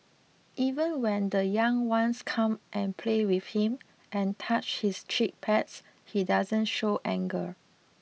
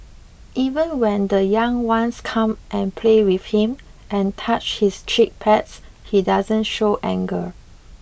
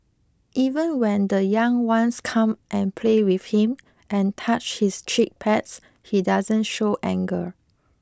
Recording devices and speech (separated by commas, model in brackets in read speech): mobile phone (iPhone 6), boundary microphone (BM630), close-talking microphone (WH20), read sentence